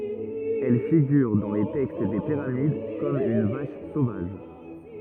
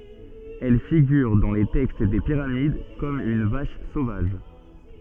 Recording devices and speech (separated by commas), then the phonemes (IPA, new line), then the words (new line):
rigid in-ear microphone, soft in-ear microphone, read sentence
ɛl fiɡyʁ dɑ̃ le tɛkst de piʁamid kɔm yn vaʃ sovaʒ
Elle figure dans les textes des pyramides comme une vache sauvage.